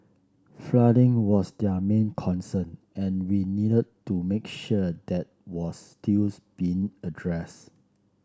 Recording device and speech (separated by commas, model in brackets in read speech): standing microphone (AKG C214), read sentence